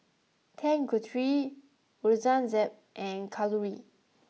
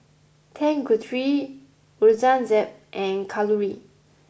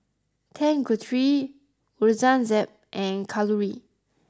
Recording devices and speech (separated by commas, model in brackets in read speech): mobile phone (iPhone 6), boundary microphone (BM630), close-talking microphone (WH20), read sentence